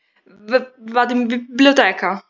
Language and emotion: Italian, fearful